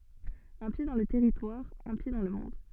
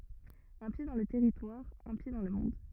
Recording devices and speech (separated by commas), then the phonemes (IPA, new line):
soft in-ear microphone, rigid in-ear microphone, read sentence
œ̃ pje dɑ̃ lə tɛʁitwaʁ œ̃ pje dɑ̃ lə mɔ̃d